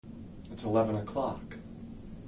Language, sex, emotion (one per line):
English
male
neutral